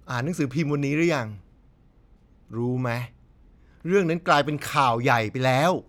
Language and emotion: Thai, frustrated